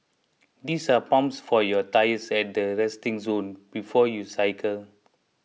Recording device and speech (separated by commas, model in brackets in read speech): mobile phone (iPhone 6), read sentence